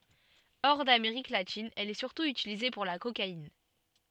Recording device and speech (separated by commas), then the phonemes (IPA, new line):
soft in-ear microphone, read sentence
ɔʁ dameʁik latin ɛl ɛ syʁtu ytilize puʁ la kokain